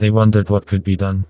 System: TTS, vocoder